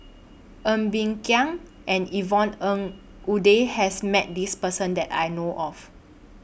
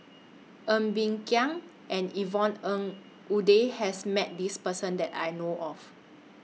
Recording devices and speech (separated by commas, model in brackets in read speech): boundary microphone (BM630), mobile phone (iPhone 6), read sentence